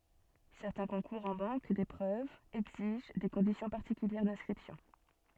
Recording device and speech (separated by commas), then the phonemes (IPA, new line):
soft in-ear microphone, read sentence
sɛʁtɛ̃ kɔ̃kuʁz ɑ̃ bɑ̃k depʁøvz ɛɡziʒ de kɔ̃disjɔ̃ paʁtikyljɛʁ dɛ̃skʁipsjɔ̃